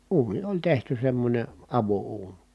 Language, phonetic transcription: Finnish, uuni oĺ tehty semmońe , avo₍uuN .
- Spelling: uuni oli tehty semmoinen avouuni

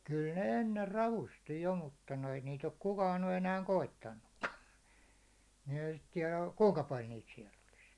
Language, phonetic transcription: Finnish, kyl ne 'enner 'ravusti jo mutta noi niit ‿ok 'kukaan ny enääŋ "koittannukka , ni ehä sit 'tiɛlä , 'kuŋka 'pal niit siɛl ‿olis .
- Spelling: kyllä ne ennen ravusti jo mutta noin niitä ole kukaan nyt enää koittanutkaan niin eihän sitä tiedä kuinka paljon niitä siellä olisi

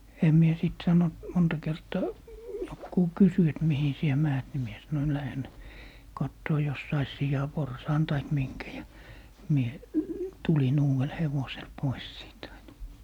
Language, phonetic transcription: Finnish, 'em mie sìt 'sanont , 'monta 'kertaa , 'jokkuu "kysy et » 'mihi sie "määt » ni 'mie sanoin » 'lähen , 'kattoo jos sais "sijaporsaan taik 'miŋkä » ja , 'mie , 'tulin "uuʷel 'hevosel 'pois siit ‿aina .
- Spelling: en minä sitten sanonut monta kertaa joku kysyi että mihin sinä menet niin minä sanoin lähden katsomaan jos saisi sianporsaan tai minkä ja minä tulin uudella hevosella pois siitä aina

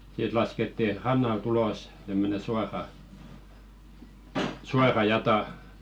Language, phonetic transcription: Finnish, sit lasketti "rannal't ‿ulos , tämmöne suara , 'suara "jata .
- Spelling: sitten laskettiin rannalta ulos tämmöinen suora suora jata

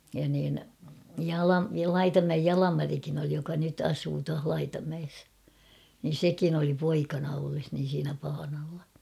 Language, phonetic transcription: Finnish, ja niin , 'Jala- 'Laitamäej "Jalamarikin ‿oli joka nyt 'asuu tuah 'Laitamäes , nin̬ "sekin ‿oli 'poikana olles niin̬ siinä paanalla .
- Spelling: ja niin - Laitamäen Jalmarikin oli joka nyt asuu tuossa Laitamäessä niin sekin oli poikana ollessa niin siinä paanalla

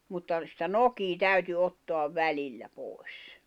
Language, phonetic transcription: Finnish, mutta , sⁱtä "nokii 'täyty 'ottoav 'välillä 'pòi̬s .
- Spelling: mutta sitä nokea täytyi ottaa välillä pois

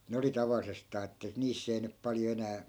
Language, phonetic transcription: Finnish, 'ne oli 'tavallisestaa että "niiss ‿ei nyp 'paljo enää ,.
- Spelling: ne oli tavallisestaan että niissä ei nyt paljon enää

